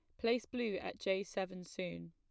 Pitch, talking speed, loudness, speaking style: 190 Hz, 190 wpm, -39 LUFS, plain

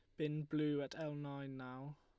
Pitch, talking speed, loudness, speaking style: 145 Hz, 200 wpm, -43 LUFS, Lombard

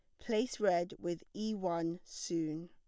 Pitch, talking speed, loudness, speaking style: 175 Hz, 145 wpm, -37 LUFS, plain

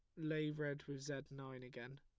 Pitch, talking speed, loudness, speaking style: 140 Hz, 200 wpm, -46 LUFS, plain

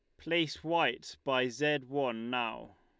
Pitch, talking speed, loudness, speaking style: 140 Hz, 140 wpm, -33 LUFS, Lombard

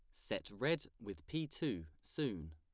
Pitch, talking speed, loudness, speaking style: 85 Hz, 155 wpm, -42 LUFS, plain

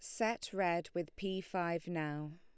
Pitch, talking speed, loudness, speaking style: 175 Hz, 165 wpm, -38 LUFS, Lombard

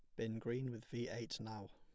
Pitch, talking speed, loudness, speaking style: 115 Hz, 235 wpm, -45 LUFS, plain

